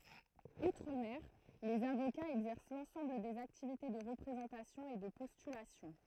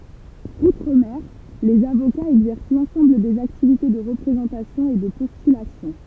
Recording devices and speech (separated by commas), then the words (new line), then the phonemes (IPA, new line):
throat microphone, temple vibration pickup, read sentence
Outre-mer, les avocats exercent l'ensemble des activités de représentation et de postulation.
utʁ mɛʁ lez avokaz ɛɡzɛʁs lɑ̃sɑ̃bl dez aktivite də ʁəpʁezɑ̃tasjɔ̃ e də pɔstylasjɔ̃